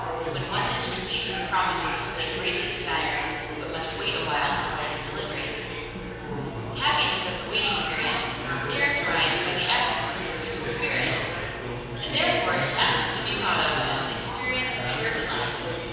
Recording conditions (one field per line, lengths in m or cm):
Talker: one person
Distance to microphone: 7.1 m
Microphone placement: far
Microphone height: 1.7 m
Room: very reverberant, large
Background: babble